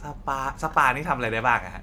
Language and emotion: Thai, neutral